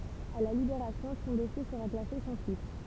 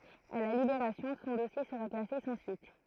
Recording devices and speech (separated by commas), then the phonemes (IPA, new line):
temple vibration pickup, throat microphone, read sentence
a la libeʁasjɔ̃ sɔ̃ dɔsje səʁa klase sɑ̃ syit